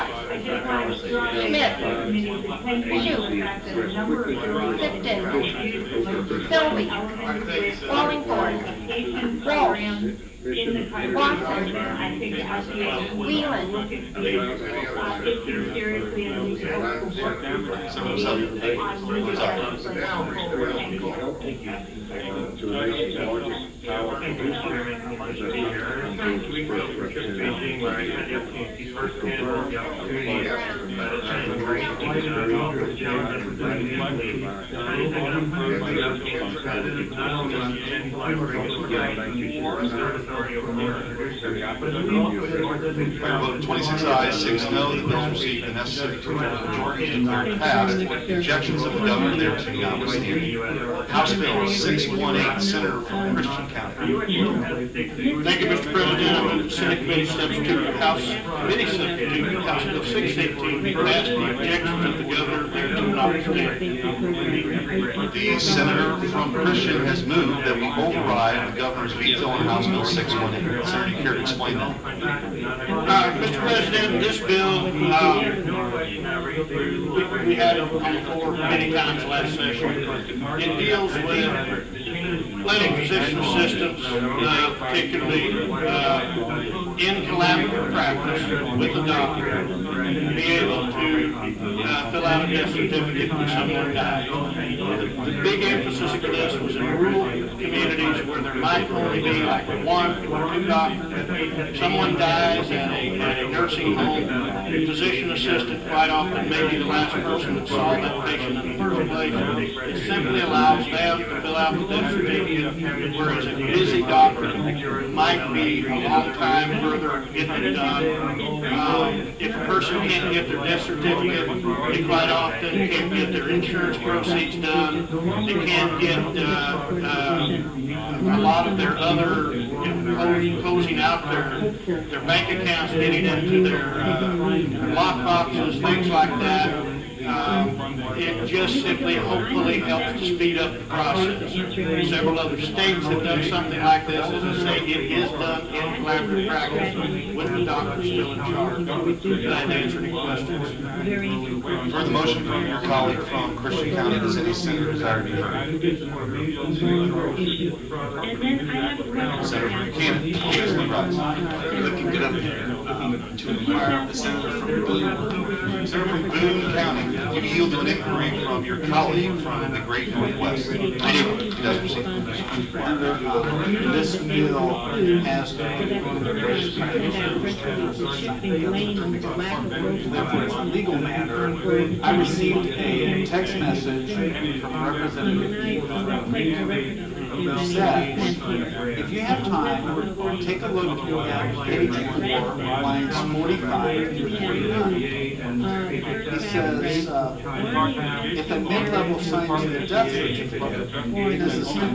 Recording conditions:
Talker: no one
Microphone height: 1.1 m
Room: large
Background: babble

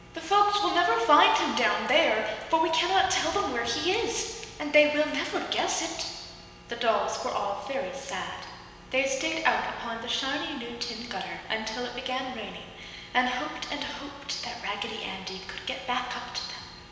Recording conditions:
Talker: one person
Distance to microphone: 1.7 m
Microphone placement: close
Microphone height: 1.0 m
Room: very reverberant, large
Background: none

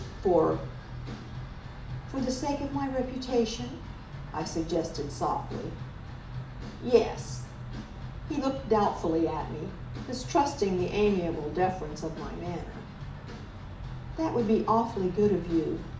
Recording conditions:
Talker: one person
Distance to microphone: 2.0 m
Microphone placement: close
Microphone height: 99 cm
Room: medium-sized (5.7 m by 4.0 m)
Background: music

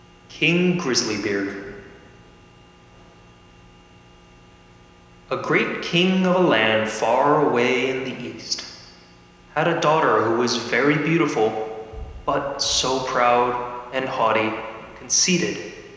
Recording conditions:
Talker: one person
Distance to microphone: 1.7 m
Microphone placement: close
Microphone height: 1.0 m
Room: very reverberant, large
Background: none

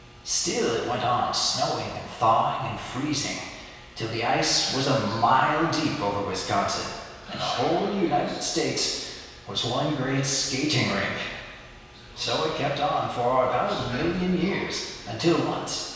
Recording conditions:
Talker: one person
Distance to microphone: 1.7 m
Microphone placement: close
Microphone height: 1.0 m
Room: very reverberant, large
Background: television

